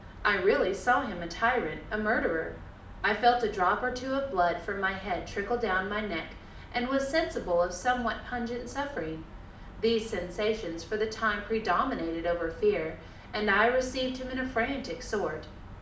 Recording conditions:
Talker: one person; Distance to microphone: 2.0 m; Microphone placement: close; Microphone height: 99 cm; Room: medium-sized (5.7 m by 4.0 m); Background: none

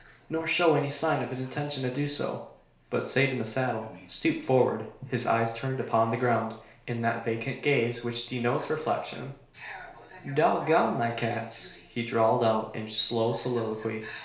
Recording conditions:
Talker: one person; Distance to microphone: 1.0 m; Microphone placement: close; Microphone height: 1.1 m; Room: small (3.7 m by 2.7 m); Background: television

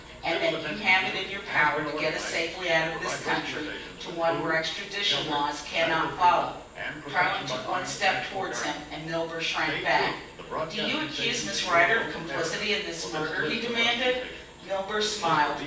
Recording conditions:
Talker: one person; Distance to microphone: 9.8 m; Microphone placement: far; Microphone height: 1.8 m; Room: large; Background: television

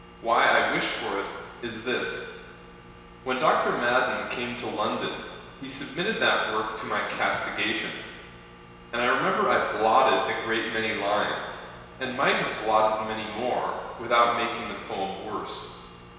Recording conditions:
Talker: one person; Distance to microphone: 1.7 m; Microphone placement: close; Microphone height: 1.0 m; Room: very reverberant, large; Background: none

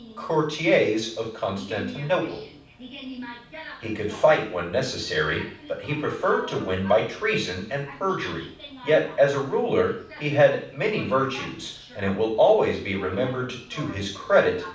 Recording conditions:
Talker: one person; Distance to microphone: 5.8 m; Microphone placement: far; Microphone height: 1.8 m; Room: medium-sized (5.7 m by 4.0 m); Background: television

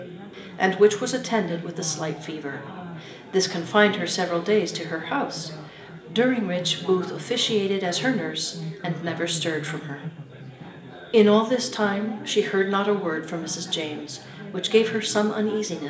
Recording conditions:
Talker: one person; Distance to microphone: 1.8 m; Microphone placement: close; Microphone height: 1.0 m; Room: large; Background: babble

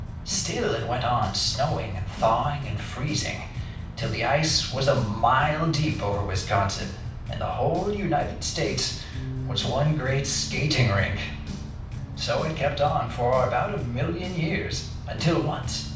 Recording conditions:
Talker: one person; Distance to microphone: 5.8 m; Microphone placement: far; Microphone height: 1.8 m; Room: medium-sized (5.7 m by 4.0 m); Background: music

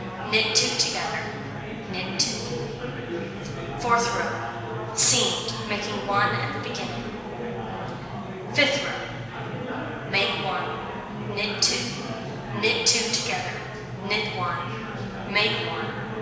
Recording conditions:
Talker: one person; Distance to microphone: 1.7 m; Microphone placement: close; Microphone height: 1.0 m; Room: very reverberant, large; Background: babble

